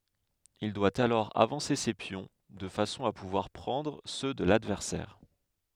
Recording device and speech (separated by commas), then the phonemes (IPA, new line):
headset microphone, read sentence
il dwa alɔʁ avɑ̃se se pjɔ̃ də fasɔ̃ a puvwaʁ pʁɑ̃dʁ sø də ladvɛʁsɛʁ